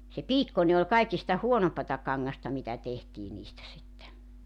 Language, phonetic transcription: Finnish, se "piikkone ol 'kaikista "huonompata 'kaŋŋasta mitä tehtii niistä sitte .
- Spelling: se piikkoinen oli kaikista huonompaa kangasta mitä tehtiin niistä sitten

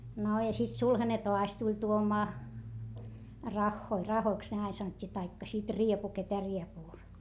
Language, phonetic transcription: Finnish, no ja sit sulhane toas tuĺ tuomaa , raχχoi , rahoiks ne ain sanot́t́ii taikka sit riepu ketä riepuu ,.
- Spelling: no ja sitten sulhanen taas tuli tuomaan rahoja rahoiksi ne aina sanottiin tai sitten riepu ketä riepua

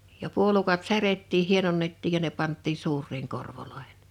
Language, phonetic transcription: Finnish, ja 'puolukat 'särettiih̆ 'hienonnettiij ja ne 'panttiin̬ 'suur̆riiŋ 'korvoloehᴇɴ .
- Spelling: ja puolukat särjettiin hienonnettiin ja ne pantiin suuriin korvoihin

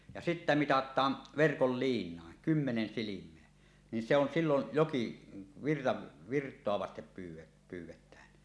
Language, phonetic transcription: Finnish, ja sittä "mitat̀aan , "verkol "liiǹàen , 'kymmenen 'silim̀eä , nin se ‿on sillon̳ "joki- , virra- , "virt̀oa vastep pyyw̆- 'pyyw̆wetään .
- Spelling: ja sitten mitataan verkolla liinaan kymmenen silmää niin se on silloin joki - virtaa vasten - pyydetään

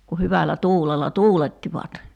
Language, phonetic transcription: Finnish, ku 'hyvällä 'tuulella "tuulettivat .
- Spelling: kun hyvällä tuulella tuulettivat

